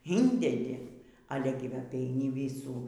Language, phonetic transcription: Lithuanian, ˈyndedi ˈale gi ˈva apeiˈni ˈvysų

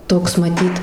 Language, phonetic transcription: Lithuanian, ˈtoks maˈtyt

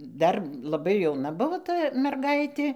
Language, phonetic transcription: Lithuanian, ˈdar laˈbai jauˈna ˈbuvo ˈta merˈgaitė

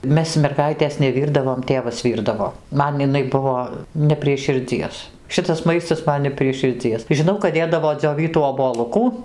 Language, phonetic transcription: Lithuanian, ˈmes merˈgaitės neˈvyrdavom ˈtėvas ˈvyrdavo ˈman iˈnai ˈbuvo ne prie širˈdzies ˈšitas ˈmaistas ˈman ne prie širˈdzies žiˈnau kad ˈdėdavo dzioˈvytų oboˈlukų

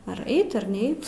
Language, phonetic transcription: Lithuanian, ar ˈeit ar ˈneit

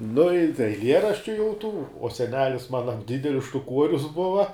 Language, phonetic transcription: Lithuanian, nu i tai eiˈlieraščiu jau ˈtų o seˈnelis ˈmana ˈdidelis štuˈkuorius ˈbuva

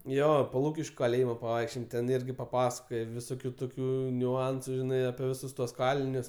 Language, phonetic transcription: Lithuanian, ˈjo po ˈlūkiškiu kaˈlėjimo paˈvaikščiojem ten ˈirgi paˈpasakoje viˈsokiu ˈtokiu niuˈansu ˈžinai apie ˈvisus tuos ˈkalinius

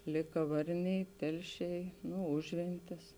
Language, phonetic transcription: Lithuanian, ˈlėka ˈvarˌniai ˈtelˌšiai nu ˈužventis

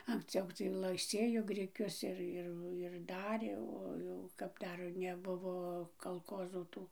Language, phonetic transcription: Lithuanian, anksˈciau tai ˈlai ˈsėjo griˈkius ir ˈir ir ˈdarė o ˈjau kap ˈdar neˈbuvo kalˈkozų ˈtų

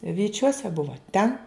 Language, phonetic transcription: Lithuanian, vyˈčiuose ˈbuvo ˈten

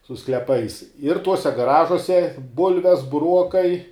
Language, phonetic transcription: Lithuanian, su skleˈpais ir ˈtuose gaˈražuose ˈbulves buˈruokai

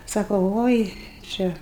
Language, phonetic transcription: Lithuanian, ˈsako ˈvoi ˈčia

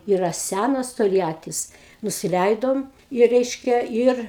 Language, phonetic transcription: Lithuanian, ˈyra ˈsænas tolˈjatis nusiˈleidom i ˈreiškia ˈir

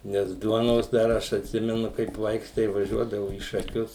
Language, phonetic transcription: Lithuanian, ˈnes ˈduonos dar ˈaš atˈsimenu kaip ˈvaiks tai vaˈžiuodavu į šaˈkius

